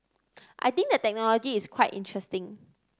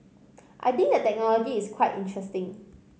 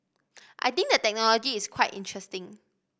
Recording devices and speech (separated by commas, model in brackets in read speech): standing microphone (AKG C214), mobile phone (Samsung C5010), boundary microphone (BM630), read sentence